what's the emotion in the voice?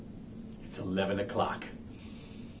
neutral